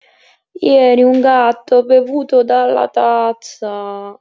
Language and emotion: Italian, sad